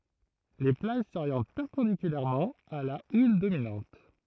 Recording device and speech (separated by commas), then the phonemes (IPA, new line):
throat microphone, read sentence
le plaʒ soʁjɑ̃t pɛʁpɑ̃dikylɛʁmɑ̃ a la ul dominɑ̃t